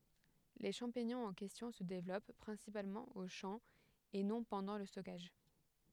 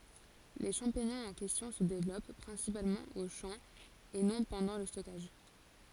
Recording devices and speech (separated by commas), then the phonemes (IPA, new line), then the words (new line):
headset microphone, forehead accelerometer, read sentence
le ʃɑ̃piɲɔ̃z ɑ̃ kɛstjɔ̃ sə devlɔp pʁɛ̃sipalmɑ̃ o ʃɑ̃ e nɔ̃ pɑ̃dɑ̃ lə stɔkaʒ
Les champignons en question se développent principalement aux champs et non pendant le stockage.